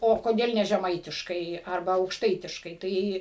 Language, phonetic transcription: Lithuanian, o koˈdėl ne žeˈmaitiškai arˈba aukšˈtaitiškai ˈtai

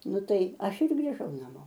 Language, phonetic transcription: Lithuanian, ˈnu ˈtai ˈaš ir grįˈžau naˈmo

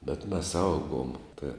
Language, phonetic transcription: Lithuanian, bet mes ˈaugom ta

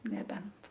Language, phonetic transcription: Lithuanian, neˈbent

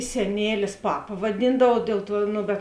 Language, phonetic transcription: Lithuanian, seˈnėlis ˈpapa vaˈdyndavau ˈdėl ˌtuo ˈno bet

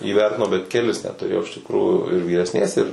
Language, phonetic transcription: Lithuanian, įˈvertinau bet keˈlis net tuˈrėjau iš tikˈrųjų ir vyresˈnės ir

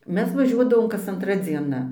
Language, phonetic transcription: Lithuanian, ˈmes vaˈžiuodavom kas anˈtra dzieˈna

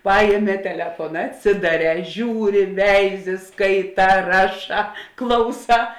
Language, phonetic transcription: Lithuanian, ˈpajėˌmē teˈlefona atˈsidaˌrē ˈžiūˌri ˈveiˌzi ˈskaiˌtā ˈraˌšā ˈklauˌsā

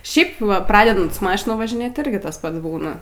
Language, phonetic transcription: Lithuanian, ˈšiaip ˈva ˈpradedant su ˈmašina važiˈnėt iˈrgi ˈtas ˈpats ˈbūna

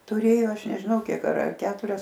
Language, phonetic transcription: Lithuanian, tuˈrėjo ˈaš nežiˈnau ˈkiek ar ar ˈketurias

